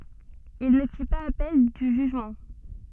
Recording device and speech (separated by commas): soft in-ear microphone, read sentence